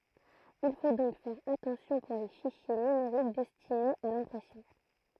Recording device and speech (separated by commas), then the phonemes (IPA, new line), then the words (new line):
throat microphone, read sentence
il fo dɔ̃k fɛʁ atɑ̃sjɔ̃ puʁ le fiʃje nymeʁik dɛstinez a lɛ̃pʁɛsjɔ̃
Il faut donc faire attention pour les fichiers numériques destinés à l'impression.